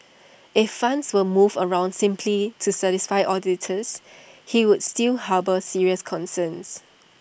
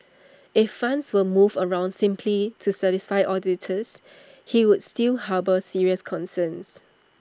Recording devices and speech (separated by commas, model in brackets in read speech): boundary microphone (BM630), standing microphone (AKG C214), read sentence